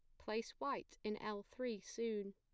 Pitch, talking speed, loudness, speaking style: 215 Hz, 170 wpm, -45 LUFS, plain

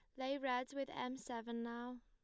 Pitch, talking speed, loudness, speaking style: 250 Hz, 195 wpm, -44 LUFS, plain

